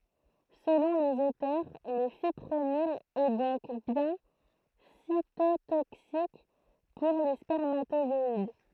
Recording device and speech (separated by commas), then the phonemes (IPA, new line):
throat microphone, read sentence
səlɔ̃ lez otœʁ lə fipʁonil ɛ dɔ̃k bjɛ̃ sitotoksik puʁ le spɛʁmatozɔid